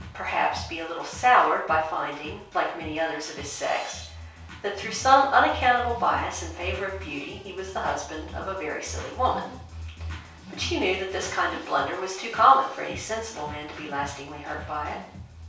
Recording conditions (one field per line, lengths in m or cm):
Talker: one person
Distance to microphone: 3.0 m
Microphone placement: far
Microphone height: 1.8 m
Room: small (3.7 m by 2.7 m)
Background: music